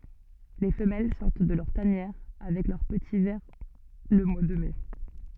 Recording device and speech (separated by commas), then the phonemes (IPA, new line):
soft in-ear microphone, read sentence
le fəmɛl sɔʁt də lœʁ tanjɛʁ avɛk lœʁ pəti vɛʁ lə mwa də mɛ